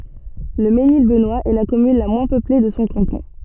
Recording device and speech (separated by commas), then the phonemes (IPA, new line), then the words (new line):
soft in-ear microphone, read sentence
lə menil bənwast ɛ la kɔmyn la mwɛ̃ pøple də sɔ̃ kɑ̃tɔ̃
Le Mesnil-Benoist est la commune la moins peuplée de son canton.